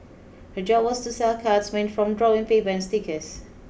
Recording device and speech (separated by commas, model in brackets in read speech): boundary microphone (BM630), read sentence